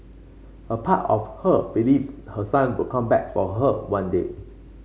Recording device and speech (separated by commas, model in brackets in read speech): mobile phone (Samsung C5), read sentence